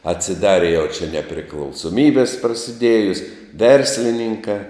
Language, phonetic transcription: Lithuanian, atsiˈdari jau čia nepriklausoˈmybis prasiˈdėjus ˈverslininkā

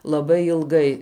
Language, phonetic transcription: Lithuanian, laˈbai ilˈgai

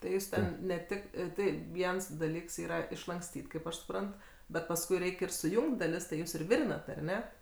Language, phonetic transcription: Lithuanian, tai ˈjūs ten ne ˈtik ˈtai ˈviens daˈlyks ˈyra išlankˈstyt' kaip ˈaš suˈprant bet pasˈkui ˈreik' ir suˈjungt' daˈlis tai ˈjūs ir ˈvirinat ar ˈne

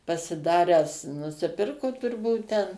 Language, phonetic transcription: Lithuanian, pasiˈdaręs nusiˈpirku turˈbūt ten

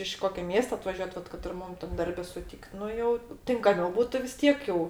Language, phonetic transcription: Lithuanian, iš ˈkokio ˈmiesto atvaˈžiuot ˈvat kad ir ˈmum tam ˈdarbe suˈtykt ˈnu jau tinkaˈmiau ˈbūtu vis ˈtiek jau

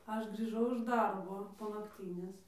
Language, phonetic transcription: Lithuanian, ˈaš grįˈžau iš ˈdarbo po nakˈtynės

